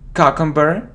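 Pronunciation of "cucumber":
'Cucumber' is pronounced incorrectly here: the first syllable is not said like the letter q.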